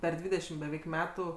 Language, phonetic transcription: Lithuanian, ˈper ˈdvydešim beˈveik ˈmetu

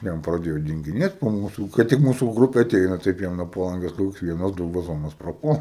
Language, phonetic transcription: Lithuanian, ˈjam praˈdėjo dingiˈnėt po ˈmūsų ˈkai tik ˈmūsų ˈgrupė aˈteina ˈtaip jam nuo paˈlangės koks ˈvienas ˈdu vaˈzonas praˈpuola

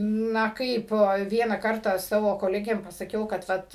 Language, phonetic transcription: Lithuanian, ˈna ˈkaip ˈvieną ˈkartą ˈsavo koˈlegėm pasaˈkiau ˈkad

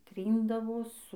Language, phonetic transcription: Lithuanian, ˈtryndavo ˈsu

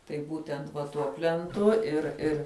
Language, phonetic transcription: Lithuanian, tai ˈbūtent va ˈtuo plenˈtu ir ˈir

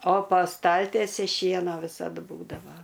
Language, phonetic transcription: Lithuanian, o pa ˈstaltiesi ˈšieno ˈvisad ˈbūdava

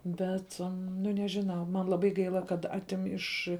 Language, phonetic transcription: Lithuanian, ˈbet nu ˈnežiˌnau man laˈbai ˈgaila kad ˈatim ˈiš

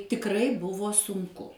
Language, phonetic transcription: Lithuanian, tikˈrai ˈbuvo sunˈku

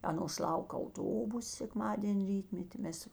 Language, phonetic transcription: Lithuanian, ˈanos ˈlauk auˈtobus sekˈmadėn' ˈrytmeti ˈmes

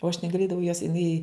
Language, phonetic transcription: Lithuanian, o aš negaˈlėdavau jos jiˈnai

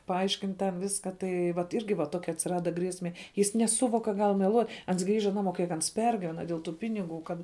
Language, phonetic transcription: Lithuanian, paˈaiškint ten ˈviska ˈtai vat ˈirgi va ˈtokia atsiˈrada ˈgriesme ˈjis neˈsuvok ka ˈgal meˈluot' ˈans ˈgrįža ˈnaˌmo ˈkiek ans ˈpergyvena dėl tų ˈpiniˌgų ˈkad

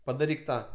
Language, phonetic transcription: Lithuanian, padaˈryk ˈtą

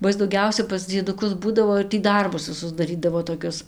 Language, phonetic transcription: Lithuanian, ba ˈis dauˈgiausia pas dzieduˈkus ˈbūdavo ir tį ˈdarbus viˈsus daˈrydavo toˈkius

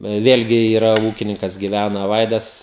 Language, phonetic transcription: Lithuanian, ˈvėlgi yˈra ˈūkininkas giˈvæna ˈvaidas

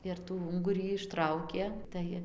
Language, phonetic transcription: Lithuanian, ir tų ˈungurį išˈtraukė ˈtai

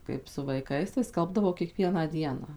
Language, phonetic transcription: Lithuanian, ˌkaip su vaiˈkais tai ˈskalbdavau kieˈkvieną ˈdieną

